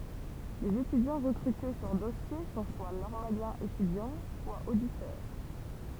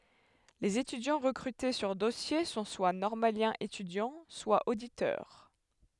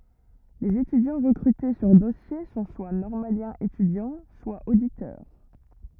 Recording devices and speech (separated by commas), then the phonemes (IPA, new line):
temple vibration pickup, headset microphone, rigid in-ear microphone, read sentence
lez etydjɑ̃ ʁəkʁyte syʁ dɔsje sɔ̃ swa nɔʁmaljɛ̃z etydjɑ̃ swa oditœʁ